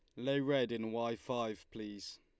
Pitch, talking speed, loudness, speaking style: 115 Hz, 180 wpm, -38 LUFS, Lombard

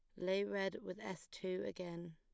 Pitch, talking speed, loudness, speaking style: 185 Hz, 185 wpm, -43 LUFS, plain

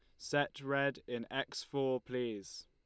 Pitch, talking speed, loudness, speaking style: 125 Hz, 145 wpm, -38 LUFS, Lombard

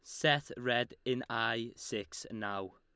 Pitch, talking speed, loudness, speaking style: 120 Hz, 140 wpm, -35 LUFS, Lombard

